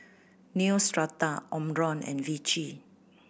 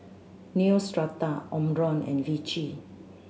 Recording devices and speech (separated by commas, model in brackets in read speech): boundary microphone (BM630), mobile phone (Samsung C7100), read sentence